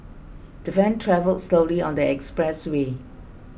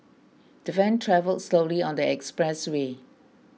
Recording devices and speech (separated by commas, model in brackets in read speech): boundary microphone (BM630), mobile phone (iPhone 6), read sentence